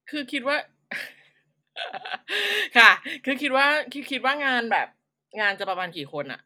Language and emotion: Thai, happy